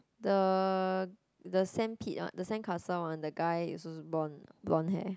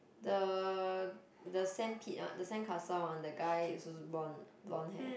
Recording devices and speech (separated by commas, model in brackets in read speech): close-talking microphone, boundary microphone, conversation in the same room